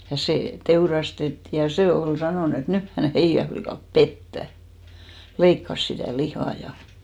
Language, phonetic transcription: Finnish, ja sè 'teurastettì ja 'se ol 'sanòn ‿et "nyh hän̬ 'heijä flikàp "pettä , 'leikkas sitä̀ "lihà ja .
- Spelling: ja se teurastettiin ja se oli sanonut että nyt hän heidän likat pettää leikkasi sitä lihaa ja

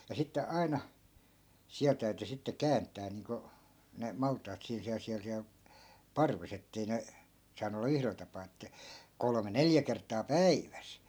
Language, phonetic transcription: Finnish, ja 'sitte 'ai̮na , 'siäl täyty sitte "käänt̆tää niiŋko , ne 'malt̆taat 'siin siäl siäl siäl , 'parves ‿ettei ne , 'saanu olla "yhrel tapaa että , 'kolme "neljä kert̆taa "päiväs .
- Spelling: ja sitten aina siellä täytyi sitten kääntää niin kuin ne maltaat siinä siellä siellä siellä parvessa että ei ne saanut olla yhdellä tapaa että kolme neljä kertaa päivässä

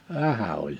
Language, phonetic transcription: Finnish, vähä oĺ .
- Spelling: vähän oli

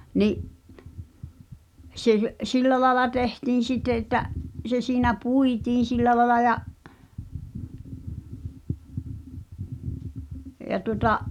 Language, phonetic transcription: Finnish, 'ni’ , sᵉ̭ 'sillä laela 'tehtiin̬ "sitte että’ , se siinä "puitiin̬ 'sillä laĕla ja’ , ja tuŏta’ ,.
- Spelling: niin se sillä lailla tehtiin sitten että se siinä puitiin sillä lailla ja ja tuota

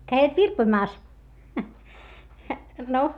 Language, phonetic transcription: Finnish, käivät virpoⁱmaas , no .
- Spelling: kävivät virpomassa no

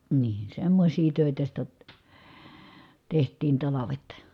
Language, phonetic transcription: Finnish, nii , semmośii tö̀itä sitä , teht̀iin talavet .
- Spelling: niin semmoisia töitä sitä tehtiin talvet

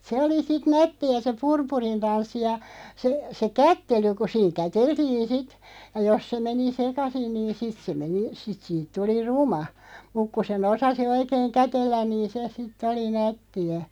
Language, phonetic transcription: Finnish, 'se oli 'sit "nätti₍ä se "purpurin 'tanssi ja , se , se "kättely ku 'siiŋ "käteltiin̬ 'sit , ja 'jos se 'meni "sekasin niin 'sit se 'meni , 'sit siit 'tuli "ruma , 'muk ku se'n ‿osasi 'oikeeŋ "kätellän niin̬ "se sit'ᵗ ‿oli 'nätti₍ä .
- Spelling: se oli sitten nättiä se purpurin tanssi ja se se kättely kun siinä käteltiin sitten ja jos se meni sekaisin niin sitten se meni sitten siitä tuli ruma mutta kun sen osasi oikein kätellä niin se sitten oli nättiä

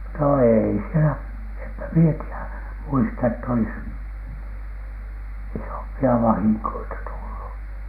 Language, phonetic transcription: Finnish, no 'eei sielä , empä mie ti₍ä , muista ett ‿olis , "isompi₍a 'vahiŋkoita tullu .
- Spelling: no ei siellä enpä minä tiedä muista että olisi isompia vahinkoja tullut

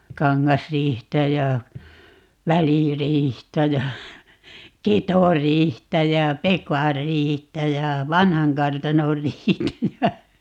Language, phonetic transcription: Finnish, 'Kaŋŋasriihtä ja , 'Väliriihtä ja , 'Ketoriihtä jä "Pekarriihtä ja "Vanhaŋkartanorriihtä ja ,.
- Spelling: Kangasriihtä ja Väliriihtä ja Ketoriihtä ja Pekanriihtä ja Vanhankartanonriihtä ja

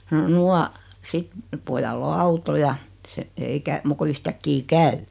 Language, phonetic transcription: Finnish, no 'nua , 'sit , 'pojall ‿o "auto ja , se , ei kä- , 'muk ko 'yhtäkki "käy .
- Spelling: no nuo sitten pojalla on auto ja se ei - muuta kuin yhtäkkiä käy

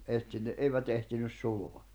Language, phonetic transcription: Finnish, ehtinne '’eivät ehtinys 'suloa .
- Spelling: - eivät ehtinyt sulaa

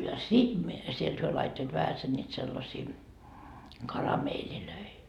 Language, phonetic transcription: Finnish, ja "sit mie , 'sielt hyö laittoit 'vähäsen ńiit sellasii , "karameelilöi .
- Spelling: ja sitten minä sieltä he laittoivat vähäsen niitä sellaisia karamelleja

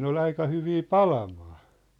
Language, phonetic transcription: Finnish, 'ne ‿ol 'aika hyvii "palamaa .
- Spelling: ne oli aika hyviä palamaan

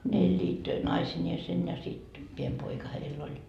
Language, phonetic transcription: Finnish, ne eĺĺiit , "naisińeesen ja sit , piem 'poika 'heill ‿oĺ .
- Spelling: ne elivät naisineen ja sitten pieni poika heillä oli

